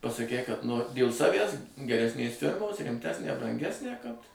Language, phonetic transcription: Lithuanian, pasaˈkei kad ˈnori dėl ˈsavæs geresˈnės ˈfirmos rimˈtesnę branˈgesnę kad

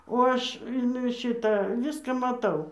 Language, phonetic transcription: Lithuanian, o ˈaš in ˈšita ˈviską maˈtau

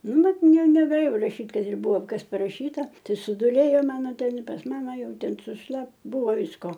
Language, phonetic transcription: Lithuanian, ˈnu ˈbet ˈne negaˈlėjau raˈšyt' kad ir ˈbuvo ˈkas paˈrašyta tɨ suˈdūlėjo ˈmano ˈten pas ˈmama ˈjau ˈten sušˈlap ˈbuvo ˈvisko

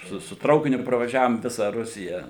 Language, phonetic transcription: Lithuanian, ˈsu su ˈtraukiniu pravaˈžiavom ˈvisa ˈrusija

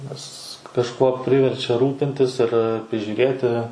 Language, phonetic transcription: Lithuanian, nes kažˈkuo ˈpriverčia ˈrūpintis ir prižiūˈrėti

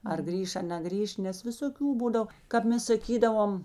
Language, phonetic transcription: Lithuanian, ar ˈgrįš a neˈgrįš ˈnes visoˈkių ˈbūdav kap ˈmes saˈkydavom

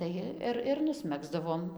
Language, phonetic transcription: Lithuanian, ˈtai ir ir nusˈmegzdavom

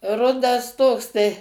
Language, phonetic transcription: Lithuanian, ˈrudas ˈtoks tai

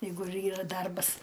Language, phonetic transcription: Lithuanian, ˈjeigu ir ˈyra ˈdarbas

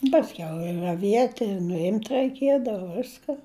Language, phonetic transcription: Lithuanian, pasˈkiau i raˈviet' ir nuˈimt' raiˈkiedava ˈviska

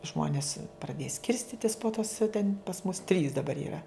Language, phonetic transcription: Lithuanian, ˈžmonis praˈdėja ˈskirstitis po tos ten' pas mus trys daˈbar yˈra

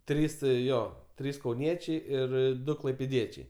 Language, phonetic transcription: Lithuanian, ˈtrys ˈjo ˈtrys kauˈniečiai ir ˈdu klaipėˈdiečiai

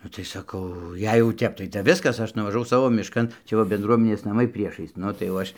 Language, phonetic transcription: Lithuanian, ˈnu tai saˈkau ˈjei jau ˈtep tai tep ˈviskas ˈaš nuvažaˈvau ˈsavo mišˈkan ˈčia va benˈdruomenės naˈmai ˈpriešais ˈnu tai jau ˈaš

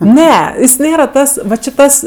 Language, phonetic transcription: Lithuanian, ˈne jis ˈnėra ˈtas ˈva či ˈtas

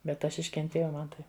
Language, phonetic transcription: Lithuanian, bet ˈaš iškenˈtėjau ˈman tai

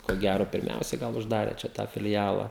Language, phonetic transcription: Lithuanian, ko ˈgæro pirˈmiausiai ˈgal užˈdarė čia ˈtą filˈjala

